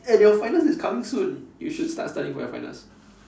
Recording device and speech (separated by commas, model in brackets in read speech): standing microphone, conversation in separate rooms